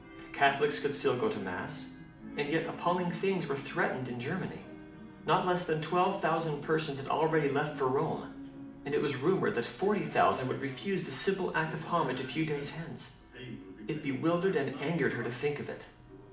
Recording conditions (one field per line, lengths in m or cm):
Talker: one person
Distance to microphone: 2.0 m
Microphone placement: close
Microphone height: 99 cm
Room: medium-sized (5.7 m by 4.0 m)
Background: television